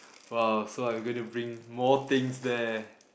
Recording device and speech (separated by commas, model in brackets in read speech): boundary microphone, conversation in the same room